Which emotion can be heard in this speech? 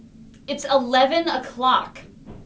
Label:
disgusted